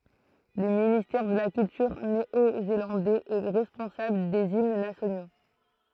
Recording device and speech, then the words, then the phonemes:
throat microphone, read sentence
Le ministère de la culture néo-zélandais est responsable des hymnes nationaux.
lə ministɛʁ də la kyltyʁ neozelɑ̃dɛz ɛ ʁɛspɔ̃sabl dez imn nasjono

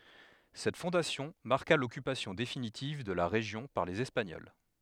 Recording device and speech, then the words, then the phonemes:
headset microphone, read sentence
Cette fondation marqua l'occupation définitive de la région par les Espagnols.
sɛt fɔ̃dasjɔ̃ maʁka lɔkypasjɔ̃ definitiv də la ʁeʒjɔ̃ paʁ lez ɛspaɲɔl

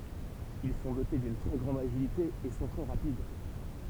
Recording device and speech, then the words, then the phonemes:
temple vibration pickup, read sentence
Ils sont dotés d'une très grande agilité et sont très rapides.
il sɔ̃ dote dyn tʁɛ ɡʁɑ̃d aʒilite e sɔ̃ tʁɛ ʁapid

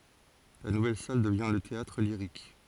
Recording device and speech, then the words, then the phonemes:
forehead accelerometer, read sentence
La nouvelle salle devient le Théâtre-Lyrique.
la nuvɛl sal dəvjɛ̃ lə teatʁliʁik

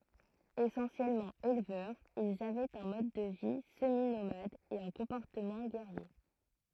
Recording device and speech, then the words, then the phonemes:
throat microphone, read sentence
Essentiellement éleveurs, ils avaient un mode de vie semi-nomade et un comportement guerrier.
esɑ̃sjɛlmɑ̃ elvœʁz ilz avɛt œ̃ mɔd də vi səminomad e œ̃ kɔ̃pɔʁtəmɑ̃ ɡɛʁje

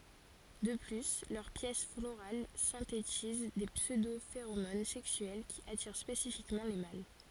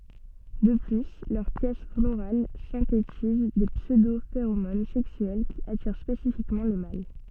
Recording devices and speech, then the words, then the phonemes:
forehead accelerometer, soft in-ear microphone, read sentence
De plus, leurs pièces florales synthétisent des pseudo-phéromones sexuelles qui attirent spécifiquement les mâles.
də ply lœʁ pjɛs floʁal sɛ̃tetiz de psødofeʁomon sɛksyɛl ki atiʁ spesifikmɑ̃ le mal

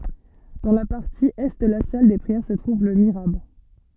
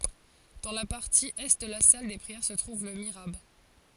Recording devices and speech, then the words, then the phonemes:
soft in-ear microphone, forehead accelerometer, read sentence
Dans la partie est de la salle des prières se trouve le mihrab.
dɑ̃ la paʁti ɛ də la sal de pʁiɛʁ sə tʁuv lə miʁab

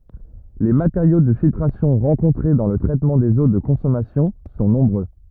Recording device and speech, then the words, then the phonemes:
rigid in-ear microphone, read sentence
Les matériaux de filtration rencontrés dans le traitement des eaux de consommation sont nombreux.
le mateʁjo də filtʁasjɔ̃ ʁɑ̃kɔ̃tʁe dɑ̃ lə tʁɛtmɑ̃ dez o də kɔ̃sɔmasjɔ̃ sɔ̃ nɔ̃bʁø

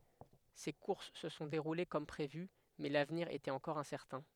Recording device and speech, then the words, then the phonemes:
headset microphone, read sentence
Ces courses se sont déroulées comme prévu, mais l'avenir était encore incertain.
se kuʁs sə sɔ̃ deʁule kɔm pʁevy mɛ lavniʁ etɛt ɑ̃kɔʁ ɛ̃sɛʁtɛ̃

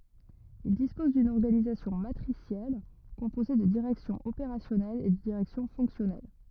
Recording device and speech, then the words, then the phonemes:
rigid in-ear microphone, read sentence
Il dispose d'une organisation matricielle composée de directions opérationnelles et de directions fonctionnelles.
il dispɔz dyn ɔʁɡanizasjɔ̃ matʁisjɛl kɔ̃poze də diʁɛksjɔ̃z opeʁasjɔnɛlz e də diʁɛksjɔ̃ fɔ̃ksjɔnɛl

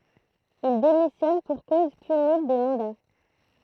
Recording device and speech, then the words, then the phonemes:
throat microphone, read sentence
Il démissionne pour cause cumul des mandats.
il demisjɔn puʁ koz kymyl de mɑ̃da

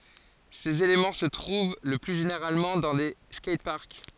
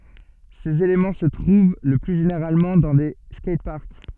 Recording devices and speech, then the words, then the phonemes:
forehead accelerometer, soft in-ear microphone, read sentence
Ces éléments se trouvent le plus généralement dans des skateparks.
sez elemɑ̃ sə tʁuv lə ply ʒeneʁalmɑ̃ dɑ̃ de skɛjtpaʁk

